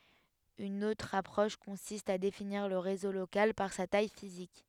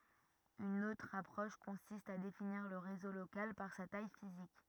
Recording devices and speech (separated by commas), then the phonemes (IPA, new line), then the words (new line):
headset microphone, rigid in-ear microphone, read sentence
yn otʁ apʁɔʃ kɔ̃sist a definiʁ lə ʁezo lokal paʁ sa taj fizik
Une autre approche consiste à définir le réseau local par sa taille physique.